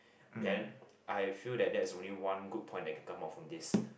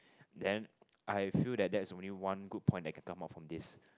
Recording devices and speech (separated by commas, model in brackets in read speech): boundary microphone, close-talking microphone, conversation in the same room